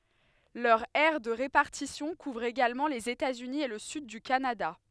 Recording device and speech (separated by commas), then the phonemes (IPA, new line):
headset microphone, read sentence
lœʁ ɛʁ də ʁepaʁtisjɔ̃ kuvʁ eɡalmɑ̃ lez etaz yni e lə syd dy kanada